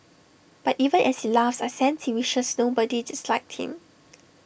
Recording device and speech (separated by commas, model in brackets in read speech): boundary microphone (BM630), read sentence